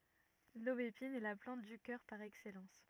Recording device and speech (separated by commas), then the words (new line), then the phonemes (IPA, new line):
rigid in-ear microphone, read sentence
L'aubépine est la plante du cœur par excellence.
lobepin ɛ la plɑ̃t dy kœʁ paʁ ɛksɛlɑ̃s